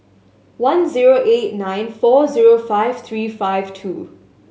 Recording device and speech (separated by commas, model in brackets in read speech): mobile phone (Samsung S8), read sentence